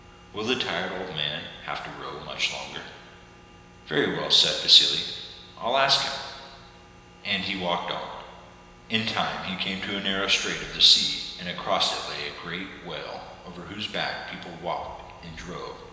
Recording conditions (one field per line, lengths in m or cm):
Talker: one person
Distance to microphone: 1.7 m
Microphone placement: close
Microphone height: 1.0 m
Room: very reverberant, large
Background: none